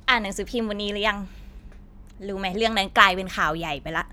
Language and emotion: Thai, frustrated